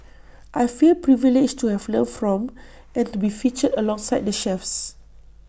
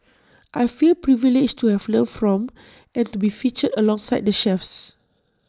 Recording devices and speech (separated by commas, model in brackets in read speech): boundary microphone (BM630), standing microphone (AKG C214), read sentence